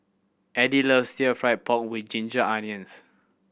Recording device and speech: boundary microphone (BM630), read sentence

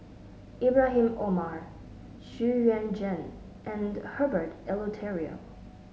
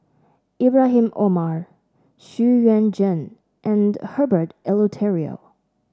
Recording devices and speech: mobile phone (Samsung S8), standing microphone (AKG C214), read sentence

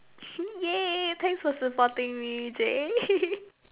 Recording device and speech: telephone, conversation in separate rooms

